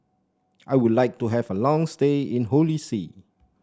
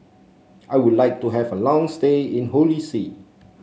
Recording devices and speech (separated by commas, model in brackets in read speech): standing microphone (AKG C214), mobile phone (Samsung C7), read sentence